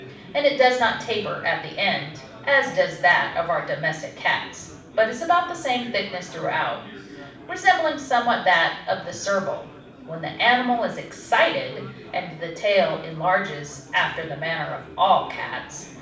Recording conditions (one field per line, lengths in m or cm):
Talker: one person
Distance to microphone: 5.8 m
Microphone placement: far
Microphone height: 1.8 m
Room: medium-sized (5.7 m by 4.0 m)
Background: babble